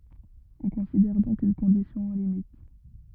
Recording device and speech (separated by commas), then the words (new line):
rigid in-ear microphone, read sentence
On considère donc une condition aux limites.